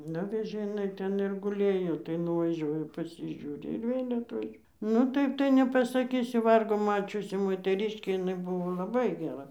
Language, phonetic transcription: Lithuanian, ˈnuvežė iˈnai ˈten ir guˈlėjo tai nuvaˈžiuoja pasižiūˈri ir ˈvėl' atˈvež nu ˈtaip tai nepasaˈkysiu ˈvargo ˈmačiusi moteˈriškė iˈnai ˈbuvo laˈbai geˈra

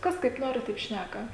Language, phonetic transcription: Lithuanian, ˈkas kaip ˈnori taip ˈšnæka

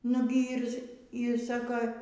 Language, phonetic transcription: Lithuanian, ˈnugi ˈyr yr ˈsako

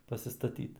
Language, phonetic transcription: Lithuanian, pasistaˈtyt

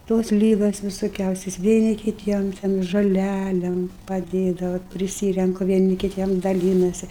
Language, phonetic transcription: Lithuanian, ˈtos ˈlygos visoˈkiausios vieˈni kiˈtiem ten žoˈlælėm paˈdėdava vat priˈsyrenku vieˈni kiˈtiem daˈlynasi

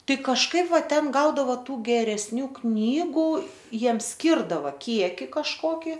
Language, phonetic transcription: Lithuanian, ˈtai kažˈkaip ˈva ˈten ˈgaudavo ˈtų geresˈnių ˈknygu ˈjiems ˈskirdava ˈkieki kažˈkoki

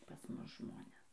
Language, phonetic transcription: Lithuanian, pas ˈmus ˈžmones

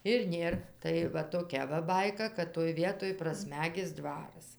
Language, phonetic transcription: Lithuanian, ir ˈnėr tai ˈva toˈkia va ˈbaika kad toj ˈvietoj praˈsmegis ˈdvaras

